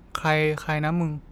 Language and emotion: Thai, neutral